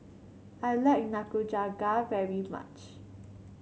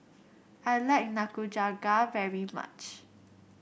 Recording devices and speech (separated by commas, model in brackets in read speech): mobile phone (Samsung C7), boundary microphone (BM630), read sentence